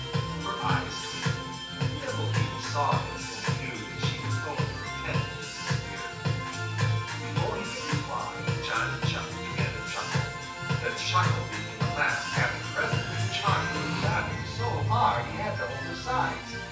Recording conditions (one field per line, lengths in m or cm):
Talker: one person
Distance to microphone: 9.8 m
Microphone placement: far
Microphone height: 1.8 m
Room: large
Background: music